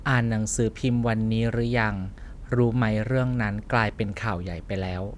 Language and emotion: Thai, neutral